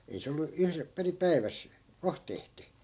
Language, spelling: Finnish, ei se ollut - perin päivässä kohta tehty
- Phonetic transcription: 'ei se ollu 'yhrep- , peri "päi̮väs , 'koh tehty .

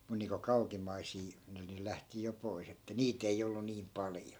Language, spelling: Finnish, minun niin kuin kauimmaisia niin ne lähti jo pois että niitä ei ollut niin paljon
- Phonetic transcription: mun niiŋko 'kaukim̆maisii , ni ne 'lähti jo 'pois ‿että 'niit ‿ei ollu 'niim "paljo .

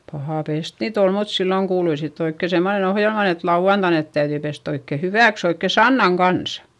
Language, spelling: Finnish, paha pestä niitä oli mutta silloin kuului sitten oikein semmoinen ohjelmaan että lauantaina ne täytyi pestä oikein hyväksi oikein sannan kanssa
- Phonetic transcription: pahà pest niit ‿ol mut silloŋ kuului sitt ‿oikke semmonen ‿ohjelman ‿et lau₍antain net täyδyi pest ‿oikke hyvä̀ks ‿oikke sannaŋ kansA .

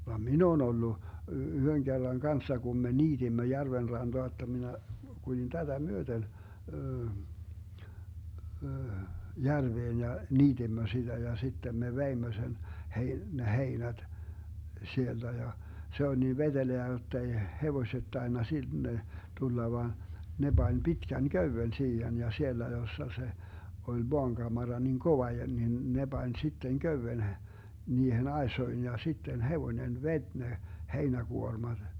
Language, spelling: Finnish, vaan minä olen ollut yhden kerran kanssa kun me niitimme järven rantaa jotta minä kuljin tätä myöten järveen ja niitimme sitä ja sitten me veimme sen - ne heinät sieltä ja se oli niin vetelää jotta ei hevoset tainnut sinne tulla vaan ne pani pitkän köyden siihen ja siellä jossa se oli maankamara niin kova ja niin ne pani sitten köyden - niihin aisoihin ja sitten hevonen veti ne heinäkuormat
- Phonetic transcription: vam "min ‿oo'n ‿ollu , 'yhöŋ kerraŋ 'kanssa kum me 'niiDimmö 'järven 'ranDoa [j]otta minä , 'kulin 'tätä "myöten , 'järveen ja , 'niiDimmö siDä ja 'sittem me 'veimmö 'sen , 'hei- , ne 'heinäD , 'sielDä ja , 'se oĺ nii "veDeleä 'jott ‿ei , 'hevoⁱset 'tainna 'sinne , 'tulla vàn , ne 'Bań 'Bitkän "köywen 'siihen ja 'siellä jossa se , oĺ 'moaŋGamara niŋ 'kova ja nin , ne 'Bań 'sitteŋ 'köywen h- , 'niihen "aesoin ja 'sitten 'hevońen "vet́ 'ne , 'heinäGuormaD .

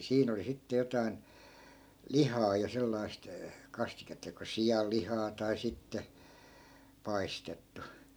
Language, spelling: Finnish, siinä oli sitten jotakin lihaa ja sellaista kastiketta joko sianlihaa tai sitten paistettu
- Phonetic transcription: 'siin ‿oli 'sitte 'jotai̮n , "lihaa ja 'sellaist , 'kastiketta joko "sijal'lihaa tai 'sitte , 'paistettu .

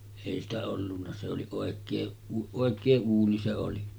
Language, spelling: Finnish, ei sitä ollut se oli oikein oikein uuni se oli
- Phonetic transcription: èi ‿stä ollunna se oli 'òek̆kee , 'òek̆kee 'uuni se oli .

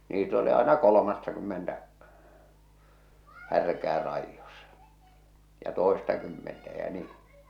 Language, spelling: Finnish, niitä oli aina kolmattakymmentä härkää raidossa ja toistakymmentä ja niin
- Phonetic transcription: niit ‿oli aena 'kolomattakymmentä , 'härkää raijjosᴀ , ja 'tòestakymmentä jä 'nii .

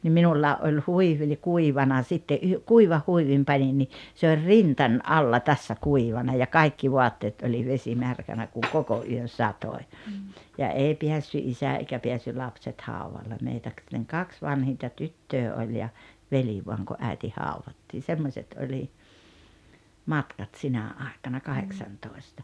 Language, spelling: Finnish, niin minullakin oli huivi oli kuivana sitten - kuivan huivin panin niin se oli rintani alla tässä kuivana ja kaikki vaatteet oli vesimärkänä kun koko yön satoi ja ei päässyt isä eikä päässyt lapset haudalle meitä kaksi vanhinta tyttöä oli ja veli vain kun äiti haudattiin semmoiset oli matkat sinä aikana kahdeksantoista
- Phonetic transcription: nim 'minullaa ’oĺ 'huivi ᵒĺi 'kuivana 'sitte ’yh- , 'kuivah 'huivim 'panin ni , se or "rintań "’alla tässä "kuivana ja "kaikki "voatteet oĺi 'vesimärkänä kuŋ "koko ’yön̬ 'satoi̬ , ja "èi 'piässy "’isä eikä 'peässy 'lapset "hauvalle 'meitä "kaks 'vanhinta "tyttöö oĺ ja , "veli voaŋ ku '’äi̬ti 'hauvattiin̬ 'semmośet oĺi , "matkat 'sinä àekana "kaheksantòesta .

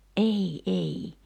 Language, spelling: Finnish, ei ei
- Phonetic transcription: '’ei ’ei .

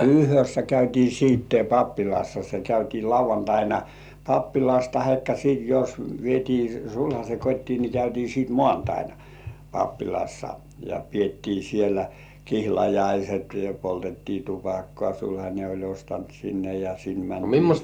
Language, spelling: Finnish, yhdessä käytiin sitten pappilassa se käytiin lauantaina pappilassa tai sitten jos vietiin sulhasen kotiin niin käytiin sitten maanantaina pappilassa ja pidettiin siellä kihlajaiset ja poltettiin tupakkaa sulhanen oli ostanut sinne ja sinne mentiin
- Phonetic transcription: yhössä 'käytii siitte 'pappilassa se käytii 'lauv̆vantaina , "pappilas tahekka sìt jos vietii sulhas̜e 'kot́tii ni käytii siit "mŏàntaina , 'pappilassa ja piettii sielä "kihlajaiset ja 'poltettii "tupakkŏà , sulhańe oĺ 'ostant sinne ja 'sin mäntii .

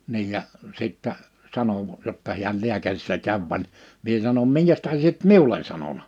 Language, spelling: Finnish, niin ja sitten sanoi jotta hän lääkärissä kävi vaan minä sanon minkä tähden sinä et minulle sanonut
- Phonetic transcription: 'niij ja , 'sìttä , 'sano , jotta hiäl 'liäkärissä 'käv vań , 'mie sanom » 'miŋkäs tähe sie et "miulen sanona ?

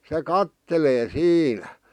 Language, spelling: Finnish, se katselee siinä
- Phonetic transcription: se "kattelee 'siinä .

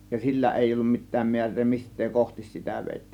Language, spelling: Finnish, ja sillä ei ollut mitään määrää mistä kohti sitä vedettiin
- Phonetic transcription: ja 'sillä 'èij ‿ollum 'mit̆tääm 'miär̆ree "mist̆tee "kohtis sitä vèittiin .

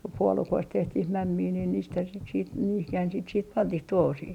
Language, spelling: Finnish, kun puolukoista tehtiin mämmiä niin niitähän sitä sitten niihinhän sitä sitten pantiin tuohisiin
- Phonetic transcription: ko 'puolukoist 'tehtih 'mämmii niin 'niithän sit siit , niihihän sit siit "pantih 'tuohosii .

